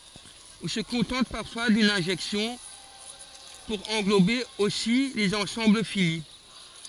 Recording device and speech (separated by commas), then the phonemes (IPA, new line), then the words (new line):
forehead accelerometer, read sentence
ɔ̃ sə kɔ̃tɑ̃t paʁfwa dyn ɛ̃ʒɛksjɔ̃ puʁ ɑ̃ɡlobe osi lez ɑ̃sɑ̃bl fini
On se contente parfois d'une injection pour englober aussi les ensembles finis.